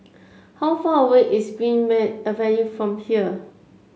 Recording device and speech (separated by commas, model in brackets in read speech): mobile phone (Samsung C7), read sentence